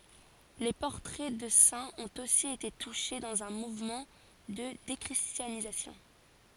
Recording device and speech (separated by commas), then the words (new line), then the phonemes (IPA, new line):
forehead accelerometer, read sentence
Les portraits de saints ont aussi été touchés, dans un mouvement de déchristianisation.
le pɔʁtʁɛ də sɛ̃z ɔ̃t osi ete tuʃe dɑ̃z œ̃ muvmɑ̃ də dekʁistjanizasjɔ̃